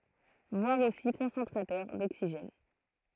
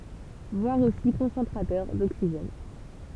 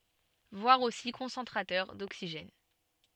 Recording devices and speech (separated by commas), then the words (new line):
throat microphone, temple vibration pickup, soft in-ear microphone, read sentence
Voir aussi Concentrateur d'oxygène.